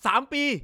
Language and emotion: Thai, angry